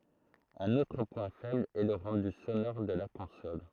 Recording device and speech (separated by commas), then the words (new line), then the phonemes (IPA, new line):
throat microphone, read sentence
Un autre point faible est le rendu sonore de la console.
œ̃n otʁ pwɛ̃ fɛbl ɛ lə ʁɑ̃dy sonɔʁ də la kɔ̃sɔl